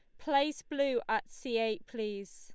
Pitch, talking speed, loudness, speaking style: 260 Hz, 165 wpm, -34 LUFS, Lombard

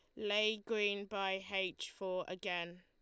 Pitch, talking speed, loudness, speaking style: 195 Hz, 140 wpm, -38 LUFS, Lombard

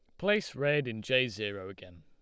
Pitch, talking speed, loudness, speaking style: 120 Hz, 200 wpm, -31 LUFS, Lombard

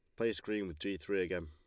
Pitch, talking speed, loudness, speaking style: 100 Hz, 285 wpm, -37 LUFS, Lombard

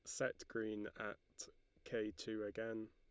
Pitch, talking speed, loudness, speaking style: 110 Hz, 135 wpm, -46 LUFS, Lombard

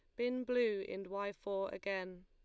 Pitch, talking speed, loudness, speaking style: 200 Hz, 175 wpm, -39 LUFS, Lombard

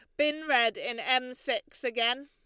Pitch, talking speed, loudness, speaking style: 255 Hz, 175 wpm, -28 LUFS, Lombard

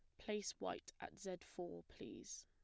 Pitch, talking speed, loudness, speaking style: 185 Hz, 160 wpm, -50 LUFS, plain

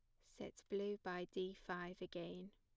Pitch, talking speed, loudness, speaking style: 185 Hz, 155 wpm, -48 LUFS, plain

